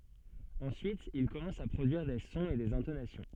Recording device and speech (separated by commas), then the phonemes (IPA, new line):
soft in-ear microphone, read sentence
ɑ̃syit il kɔmɑ̃s a pʁodyiʁ de sɔ̃z e dez ɛ̃tonasjɔ̃